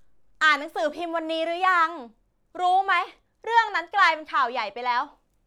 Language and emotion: Thai, frustrated